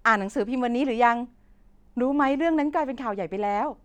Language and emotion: Thai, happy